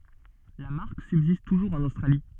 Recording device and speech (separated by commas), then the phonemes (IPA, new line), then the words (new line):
soft in-ear microphone, read sentence
la maʁk sybzist tuʒuʁz ɑ̃n ostʁali
La marque subsiste toujours en Australie.